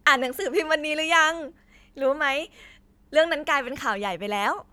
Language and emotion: Thai, happy